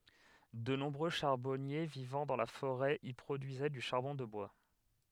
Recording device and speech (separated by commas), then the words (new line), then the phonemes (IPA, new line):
headset microphone, read sentence
De nombreux charbonniers vivant dans la forêt y produisaient du charbon de bois.
də nɔ̃bʁø ʃaʁbɔnje vivɑ̃ dɑ̃ la foʁɛ i pʁodyizɛ dy ʃaʁbɔ̃ də bwa